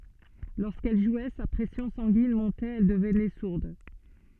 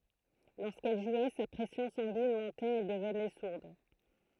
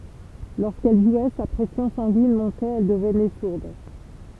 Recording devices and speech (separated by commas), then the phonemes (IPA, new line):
soft in-ear microphone, throat microphone, temple vibration pickup, read sentence
loʁskɛl ʒwɛ sa pʁɛsjɔ̃ sɑ̃ɡin mɔ̃tɛt ɛl dəvnɛ suʁd